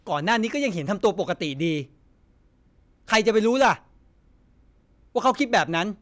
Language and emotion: Thai, angry